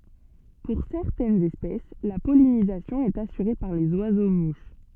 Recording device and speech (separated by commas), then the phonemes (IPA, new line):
soft in-ear microphone, read sentence
puʁ sɛʁtɛnz ɛspɛs la pɔlinizasjɔ̃ ɛt asyʁe paʁ lez wazo muʃ